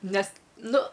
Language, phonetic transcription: Lithuanian, ˈnes ˈnu

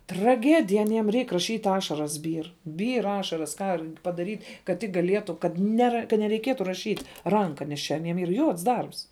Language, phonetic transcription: Lithuanian, traˈgedija aˈniem ˈreik raˈšyt' ˈašaras ˈbyr ˈbyr ˈašaras ˈką r padaryt' kad ˈtik gaˈlietu kad ˈnera ka nereiˈkietu raˈšyt' ˈranka nes ˈčia aˈniem yr ˈjuods ˈdarbs

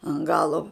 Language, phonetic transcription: Lithuanian, an ˈgalo

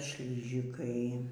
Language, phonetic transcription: Lithuanian, ˈšližikai

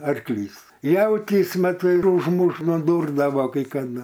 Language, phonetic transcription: Lithuanian, arkˈlys ˈjautys ˈmat ir užˈmuš nuˈdurdavo kai kaˈdu

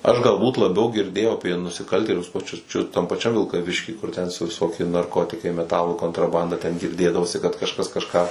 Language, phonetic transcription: Lithuanian, aš galˈbūt laˈbiau girˈdėjau apie nusiˈkaltėlius paˈčius čiu tam paˈčiam vilkaˈvišky kur ten su viˈsokie narˈkotikai meˈtalų kontraˈbanda ten girˈdėdavosi kad kažˈkas kažˈką

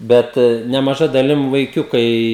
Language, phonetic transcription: Lithuanian, ˈbet nemaˈža daˈlim vaiˈkiukai

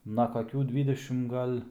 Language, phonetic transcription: Lithuanian, na kaˈkių ˈdvydešim ˈgal'

